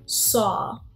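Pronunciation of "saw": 'saw' is said the American way, with more of an R sound in the vowel.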